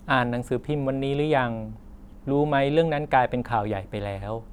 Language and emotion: Thai, neutral